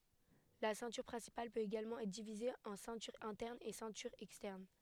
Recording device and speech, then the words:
headset microphone, read sentence
La ceinture principale peut également être divisée en ceinture interne et ceinture externe.

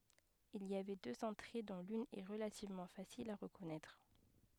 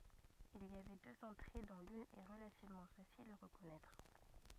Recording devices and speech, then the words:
headset microphone, rigid in-ear microphone, read sentence
Il y avait deux entrées dont l'une est relativement facile à reconnaître.

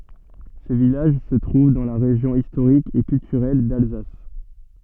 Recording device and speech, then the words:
soft in-ear microphone, read sentence
Ce village se trouve dans la région historique et culturelle d'Alsace.

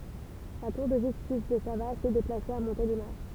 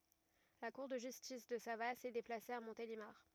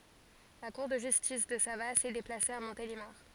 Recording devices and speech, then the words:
temple vibration pickup, rigid in-ear microphone, forehead accelerometer, read sentence
La cour de justice de Savasse est déplacée à Montélimar.

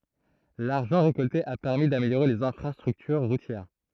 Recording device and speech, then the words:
throat microphone, read sentence
L'argent récolté a permis d'améliorer les infrastructures routières.

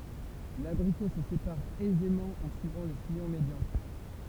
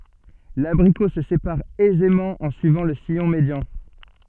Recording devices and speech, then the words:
temple vibration pickup, soft in-ear microphone, read sentence
L'abricot se sépare aisément en suivant le sillon médian.

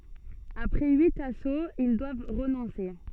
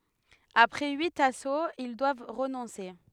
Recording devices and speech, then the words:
soft in-ear microphone, headset microphone, read sentence
Après huit assauts, ils doivent renoncer.

